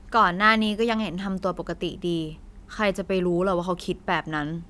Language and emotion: Thai, frustrated